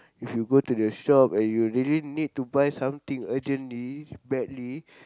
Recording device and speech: close-talking microphone, conversation in the same room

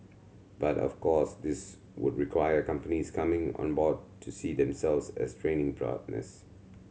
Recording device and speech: mobile phone (Samsung C7100), read sentence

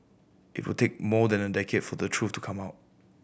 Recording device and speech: boundary microphone (BM630), read sentence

